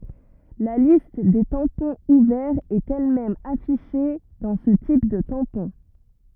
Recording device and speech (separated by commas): rigid in-ear microphone, read sentence